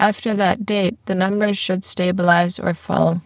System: VC, spectral filtering